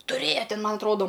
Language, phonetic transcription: Lithuanian, tuˈrėja ˈtin ˈman atˈrodo

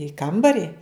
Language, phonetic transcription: Lithuanian, i ˈkambari

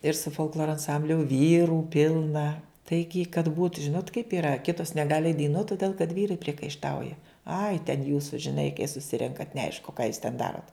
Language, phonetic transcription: Lithuanian, ir su folkˈloro anˈsambliu ˈvyrų ˈpilna ˈtaigi kad būt ˈžinot kaip yˈra ˈkitos neˈgali eit daiˈnuot toˈdėl kad ˈvyrai priekaišˈtauja ai ten ˈjūsu žiˈnai kai suˈsirenkat neˈaišku ką jūs ten ˈdarot

